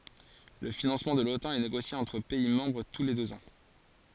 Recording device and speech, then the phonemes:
forehead accelerometer, read sentence
lə finɑ̃smɑ̃ də lotɑ̃ ɛ neɡosje ɑ̃tʁ pɛi mɑ̃bʁ tu le døz ɑ̃

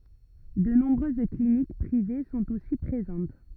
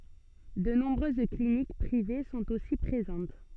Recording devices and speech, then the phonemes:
rigid in-ear microphone, soft in-ear microphone, read sentence
də nɔ̃bʁøz klinik pʁive sɔ̃t osi pʁezɑ̃t

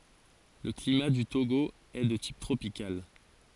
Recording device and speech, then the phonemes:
forehead accelerometer, read sentence
lə klima dy toɡo ɛ də tip tʁopikal

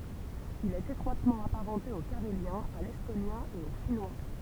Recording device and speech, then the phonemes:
temple vibration pickup, read sentence
il ɛt etʁwatmɑ̃ apaʁɑ̃te o kaʁeljɛ̃ a lɛstonjɛ̃ e o finwa

